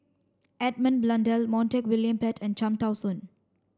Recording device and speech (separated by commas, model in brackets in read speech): standing microphone (AKG C214), read sentence